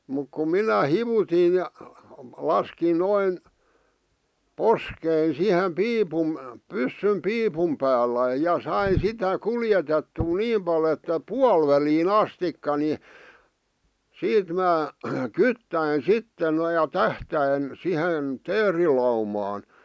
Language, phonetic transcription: Finnish, muk kum̆ 'minä "hivutin̬ ja 'laskin 'noin , "poskein 'sihem "piipum , 'pyssym "piipum päällä ja 'sain̬ 'sitä "kuljetettuu 'niim pal ‿että "pual välii'n ‿astikka ni , 'siit mää , "kyttäin "sitte noⁱ ja "tähtäin , 'sihen , 'teerilaumaan .
- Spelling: mutta kun minä hivutin ja laskin noin poskeni siihen piipun pyssyn piipun päällä ja sain sitä kuljetettua niin paljon että - puoliväliin asti niin siitä minä kyttäsin sitten noin ja tähtäsin siihen teerilaumaan

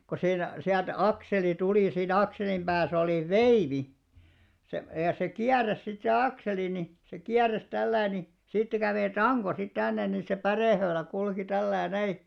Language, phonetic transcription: Finnish, ko 'siin , 'siält "akseli 'tulì siinᵃ̈ 'akselim ʙääs ‿olì "veivi , se , ja se "kiäräs sit se 'akseli ni , se 'kiäräs 'tälläi ni , sittä kävè "taŋko sit 'tännen nin̬ se 'pärèhöölä kulki tälläi näi .
- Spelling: kun siinä sieltä akseli tuli siinä akselin päässä oli veivi se ja se kiersi sitten se akseli niin se kiersi tällä lailla niin siitä kävi tanko sitten tänne niin se pärehöylä kulki tällä lailla näin

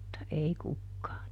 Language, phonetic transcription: Finnish, [mut]ta ˈei ˈkukkaa .
- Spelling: mutta ei kukaan

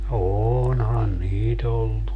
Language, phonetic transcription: Finnish, 'ooonhan "niit ‿ollu .
- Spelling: onhan niitä ollut

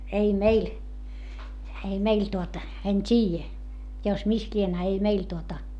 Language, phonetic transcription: Finnish, ei meil , ei meil tuota , en t́iijä , jo mis lien - a ei meil tuota ,.
- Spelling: ei meillä ei meillä tuota en tiedä jo missä lie a ei meillä tuota

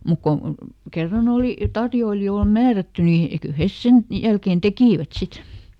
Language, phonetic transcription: Finnish, ˈmuk ko , ˈkerran ‿òli , ˈtarjoilijool "määrätty ni , kyˡ "hes ˈsen , ˈjälkeen ˈtekìvät ˈsit .
- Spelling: mutta kun kerran oli tarjoilijoille määrätty niin kyllä he sen jälkeen tekivät sitten

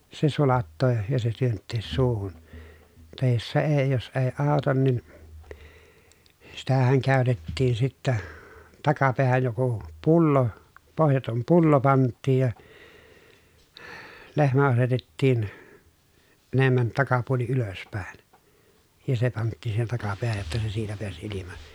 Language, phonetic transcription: Finnish, se sulattoo , ja se työnttees suuhun , tàe jos se èi jos èi àu̬tan nin , sitähäŋ kä̀y̬tettiin sittä , takapeähäj joku , pullo , pohjatom pullo pant̆tiij ja , lehmä asetettiin , enemmän takapuoli ylöspä̀i̮n , ja se panttìn siihen takapeähäj jotta se siitä peäs ilima .
- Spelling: se sulattaa ja se työntää suuhun tai jos se ei jos ei auta niin sitähän käytettiin sitten takapäähän joku pullo pohjaton pullo pantiin ja lehmä asetettiin enemmän takapuoli ylöspäin ja se pantiin siihen takapäähän jotta se siitä pääsi ilma

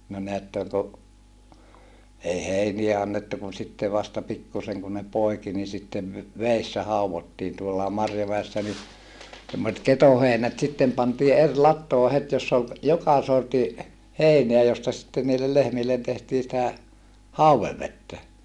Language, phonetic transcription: Finnish, no neättöŋ ko , ei heiniä annettu kun sitte vasta pikkuseŋ kun ne poiki ni sittev veessä hauvottiin tuollaa Marjomäessä ni , semmoset ketoheinät sittem pantii er lattoo het joss ‿ol , joka sorti , hèineä josta sⁱtten niille lehmillen tehtii sⁱtä hauwevvettä .
- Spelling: no näette kun ei heiniä annettu kun sitten vasta pikkuisen kun ne poiki niin sitten vedessä haudottiin tuollakin Marjomäessä niin semmoiset ketoheinät sitten pantiin eri latoon heti jossa oli joka sortin heinää josta sitten niille lehmille tehtiin sitä haudevettä

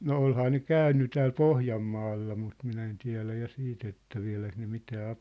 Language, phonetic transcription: Finnish, no 'olhaa ne "kä̀ynny tääl "Pohjammaalla mut minä en 'tiä̭lä ja 'siit ‿että 'viä̭läk ne 'mitää a- ,.
- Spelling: no olihan ne käynyt täällä Pohjanmaalla mutta minä en tiedä ja sitten että vieläkö ne mitään -

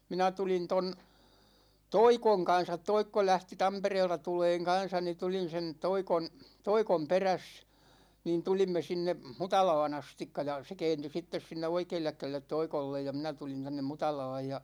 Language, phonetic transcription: Finnish, 'minä 'tulin 'ton , "Toikoŋ 'kan̬sat "Toikko 'lähti "Tampereelta 'tuleeŋ 'kan̬sa ni 'tulin̬ sen 'Toikon , "Toikom 'peräs , niin 'tulimme 'sinne , "Mutalaa'n ‿astikka ja , se 'kɛɛnty 'sittes 'sinne "oikeellek 'kälellet "Toikollej ja 'minä 'tulin 'tännem "Mutalaaj ja .
- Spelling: minä tulin tuon Toikon kanssa Toikko lähti Tampereelta tulemaan kanssa niin tulin sen Toikon Toikon perässä niin tulimme sinne Mutalaan asti ja se kääntyi sitten sinne oikealle kädelle Toikolle ja minä tulin tänne Mutalaan ja

